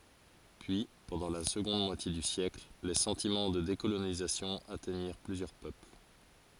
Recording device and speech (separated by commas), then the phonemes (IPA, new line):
forehead accelerometer, read sentence
pyi pɑ̃dɑ̃ la səɡɔ̃d mwatje dy sjɛkl le sɑ̃timɑ̃ də dekolonizasjɔ̃ atɛɲiʁ plyzjœʁ pøpl